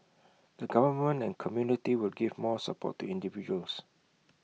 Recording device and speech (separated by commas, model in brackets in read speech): mobile phone (iPhone 6), read sentence